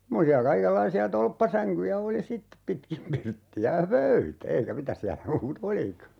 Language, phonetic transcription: Finnish, 'semmosi₍a 'kaikellaisi₍a "tolppasäŋkyjä 'oli "sittep 'pitkim 'pirtti₍ä (j)a "pöytä 'eikä 'mitäs siälä 'muu"t ‿olika .
- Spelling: semmoisia kaikenlaisia tolppasänkyjä oli sitten pitkin pirttiä ja pöytä eikä mitä siellä muuta olikaan

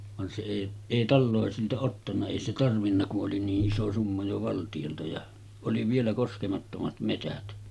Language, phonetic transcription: Finnish, van se èi , 'èi "tallòesilta ottanna 'èi se tarvinna ku’ ’oli nii’ ’iso summa jo 'valtiʲolta ja , oli vielä 'koskemattomat metät .
- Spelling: vaan se ei ei taloisilta ottanut ei se tarvinnut kun oli niin iso summa jo valtiolta ja oli vielä koskemattomat metsät

